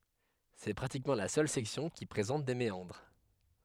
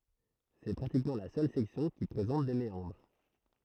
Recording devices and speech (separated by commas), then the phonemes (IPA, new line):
headset microphone, throat microphone, read sentence
sɛ pʁatikmɑ̃ la sœl sɛksjɔ̃ ki pʁezɑ̃t de meɑ̃dʁ